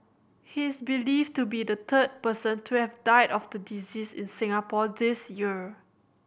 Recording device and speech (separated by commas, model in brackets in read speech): boundary microphone (BM630), read sentence